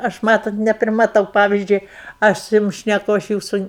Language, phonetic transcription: Lithuanian, ˈaš ˈmatot neprimaˈtau ˈpavizdžiui ˈaš su ˈjum šneˈku ˈaš ˈjūsu

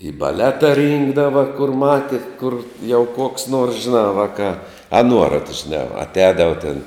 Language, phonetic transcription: Lithuanian, į baˈleta ˈrynkdava kur ˈmati kur jau koks nors žiˈnā ˈvakā a ˈnuorat žiˈnā atˈēdava tėn

